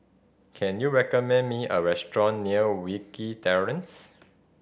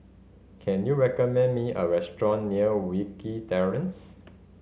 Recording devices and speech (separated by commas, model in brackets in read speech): boundary microphone (BM630), mobile phone (Samsung C5010), read sentence